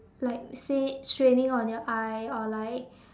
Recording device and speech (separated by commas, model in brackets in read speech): standing microphone, conversation in separate rooms